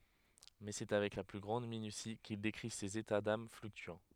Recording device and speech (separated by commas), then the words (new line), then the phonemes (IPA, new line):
headset microphone, read sentence
Mais c'est avec la plus grande minutie qu'il décrit ses états d'âmes fluctuants.
mɛ sɛ avɛk la ply ɡʁɑ̃d minysi kil dekʁi sez eta dam flyktyɑ̃